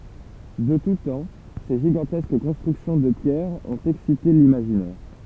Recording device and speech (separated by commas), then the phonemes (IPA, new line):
temple vibration pickup, read sentence
də tu tɑ̃ se ʒiɡɑ̃tɛsk kɔ̃stʁyksjɔ̃ də pjɛʁ ɔ̃t ɛksite limaʒinɛʁ